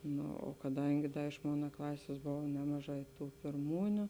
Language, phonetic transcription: Lithuanian, ˈno o kaˈdangi ˈda iš ˈmona ˈklasės ˈbova ˈnemaˌžā i ˈtų pirˈmūniu

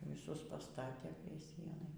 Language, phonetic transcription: Lithuanian, viˈsus paˈstatė prie ˈsienai

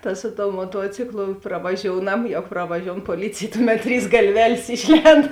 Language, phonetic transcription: Lithuanian, ta ˈsu ˌtou moˈtuociklu pravaˈžiounam ˈjau pravaˈžioun poˈlycėj ˈtuˌmet ˈtrys galˈvelės ˈišˌlend

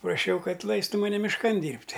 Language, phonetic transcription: Lithuanian, praˈšiau ˈkad ˈlaistu maˈne mišˈkan ˈdyrbt'

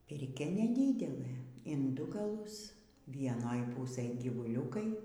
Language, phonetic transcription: Lithuanian, pirˈkia neˈdydelɘ in ˈdu gaˈlus vieˈnoj ˈpūsɘj gyvuˈliūkai

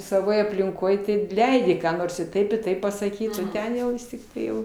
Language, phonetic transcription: Lithuanian, saˈvoj aplinˈkoj ˈtai ˈleidi ką ˈnors i ˈtaip i ˈtaip pasaˈkyt o ˈten jau ˈvis tikˈtai ˈjau

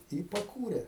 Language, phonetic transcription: Lithuanian, i paˈkūrė

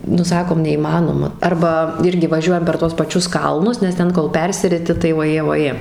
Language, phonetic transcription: Lithuanian, nu ˈsakom neįˈmanoma ˈarba ˈirgi vaˈžiuojam per tuos paˈčius ˈkalnus nes ˈten kol ˈpersiriti tai voˈjė voˈjė

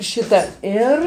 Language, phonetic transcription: Lithuanian, ˈšita ˈir

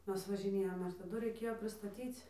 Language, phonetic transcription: Lithuanian, ˈmes važiˈnėjom ir taˈdu raiˈkėjo pristaˈtyc

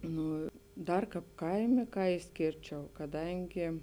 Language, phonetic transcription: Lithuanian, ˈnū ˈdar ˈkāp ˈkaimė ˈką išˈskėrčiau kaˈdangi

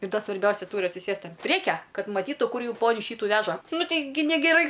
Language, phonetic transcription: Lithuanian, ir ˈda svarˈbiausia ˈtūri atsiˈsėst an ˈpriekia ˈkad maˈtytu ˈkur ˈjų ˈponiu ˈšytu ˈveža ˈnu ˈteigi negeˈrai

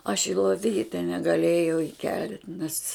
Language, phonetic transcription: Lithuanian, aš i loˈvyte negaˈlėjau iˈkelt' nes

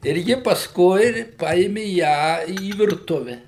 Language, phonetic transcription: Lithuanian, ir ˈji pasˈkui ˈpaėmi ˈją į virˈtuve

